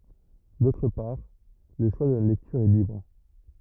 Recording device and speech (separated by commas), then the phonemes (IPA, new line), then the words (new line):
rigid in-ear microphone, read sentence
dotʁ paʁ lə ʃwa də la lɛktyʁ ɛ libʁ
D'autre part, le choix de la lecture est libre.